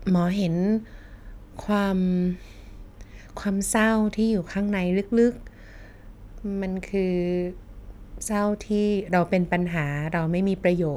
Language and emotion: Thai, neutral